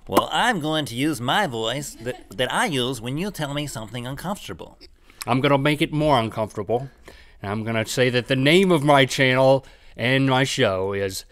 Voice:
silly voice